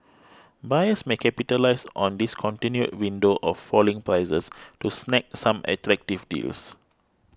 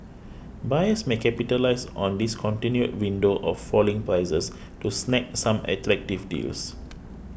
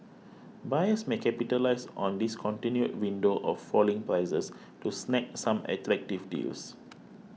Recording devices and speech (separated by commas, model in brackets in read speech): close-talking microphone (WH20), boundary microphone (BM630), mobile phone (iPhone 6), read sentence